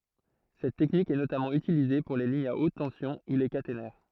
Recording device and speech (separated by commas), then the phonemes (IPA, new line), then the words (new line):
throat microphone, read sentence
sɛt tɛknik ɛ notamɑ̃ ytilize puʁ le liɲz a ot tɑ̃sjɔ̃ u le katenɛʁ
Cette technique est notamment utilisée pour les lignes à haute tension ou les caténaires.